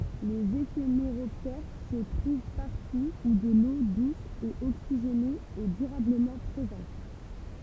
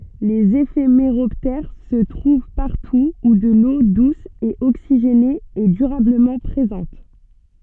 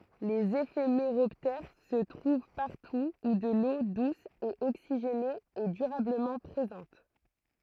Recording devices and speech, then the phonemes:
temple vibration pickup, soft in-ear microphone, throat microphone, read sentence
lez efemeʁɔptɛʁ sə tʁuv paʁtu u də lo dus e oksiʒene ɛ dyʁabləmɑ̃ pʁezɑ̃t

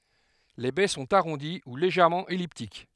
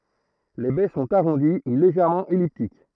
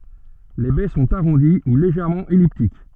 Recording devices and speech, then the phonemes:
headset microphone, throat microphone, soft in-ear microphone, read sentence
le bɛ sɔ̃t aʁɔ̃di u leʒɛʁmɑ̃ ɛliptik

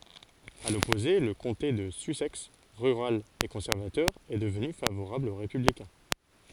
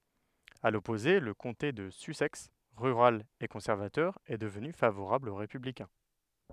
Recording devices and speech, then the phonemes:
forehead accelerometer, headset microphone, read sentence
a lɔpoze lə kɔ̃te də sysɛks ʁyʁal e kɔ̃sɛʁvatœʁ ɛ dəvny favoʁabl o ʁepyblikɛ̃

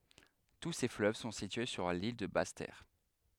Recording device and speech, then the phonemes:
headset microphone, read sentence
tu se fløv sɔ̃ sitye syʁ lil də bas tɛʁ

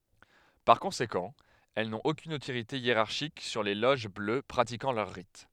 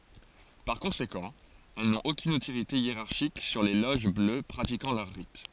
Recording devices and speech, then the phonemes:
headset microphone, forehead accelerometer, read sentence
paʁ kɔ̃sekɑ̃ ɛl nɔ̃t okyn otoʁite jeʁaʁʃik syʁ le loʒ blø pʁatikɑ̃ lœʁ ʁit

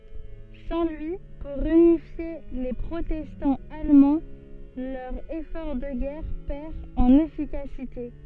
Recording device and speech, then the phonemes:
soft in-ear microphone, read sentence
sɑ̃ lyi puʁ ynifje le pʁotɛstɑ̃z almɑ̃ lœʁ efɔʁ də ɡɛʁ pɛʁ ɑ̃n efikasite

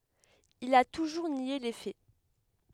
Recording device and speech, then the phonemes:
headset microphone, read sentence
il a tuʒuʁ nje le fɛ

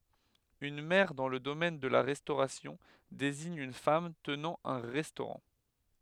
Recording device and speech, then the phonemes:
headset microphone, read sentence
yn mɛʁ dɑ̃ lə domɛn də la ʁɛstoʁasjɔ̃ deziɲ yn fam tənɑ̃ œ̃ ʁɛstoʁɑ̃

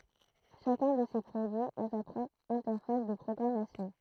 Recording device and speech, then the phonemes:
throat microphone, read sentence
ʃakœ̃ də se pʁodyiz a sa pʁɔpʁ ɛ̃tɛʁfas də pʁɔɡʁamasjɔ̃

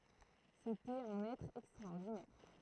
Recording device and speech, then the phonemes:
throat microphone, read sentence
setɛt œ̃n ɛtʁ ɛkstʁaɔʁdinɛʁ

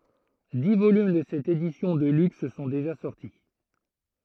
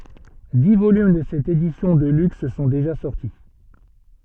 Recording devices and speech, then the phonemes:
throat microphone, soft in-ear microphone, read sentence
di volym də sɛt edisjɔ̃ də lyks sɔ̃ deʒa sɔʁti

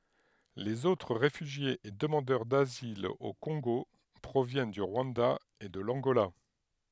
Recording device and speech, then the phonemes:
headset microphone, read sentence
lez otʁ ʁefyʒjez e dəmɑ̃dœʁ dazil o kɔ̃ɡo pʁovjɛn dy ʁwɑ̃da e də lɑ̃ɡola

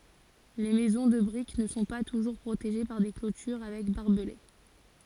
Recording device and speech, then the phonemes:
forehead accelerometer, read sentence
le mɛzɔ̃ də bʁik nə sɔ̃ pa tuʒuʁ pʁoteʒe paʁ de klotyʁ avɛk baʁbəle

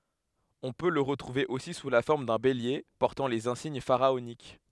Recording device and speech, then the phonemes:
headset microphone, read sentence
ɔ̃ pø lə ʁətʁuve osi su la fɔʁm dœ̃ belje pɔʁtɑ̃ lez ɛ̃siɲ faʁaonik

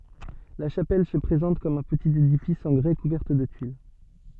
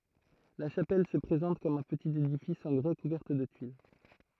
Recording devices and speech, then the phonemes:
soft in-ear microphone, throat microphone, read sentence
la ʃapɛl sə pʁezɑ̃t kɔm œ̃ pətit edifis ɑ̃ ɡʁɛ kuvɛʁt də tyil

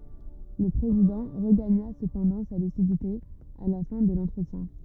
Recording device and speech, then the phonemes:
rigid in-ear microphone, read sentence
lə pʁezidɑ̃ ʁəɡaɲa səpɑ̃dɑ̃ sa lysidite a la fɛ̃ də lɑ̃tʁətjɛ̃

